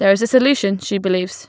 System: none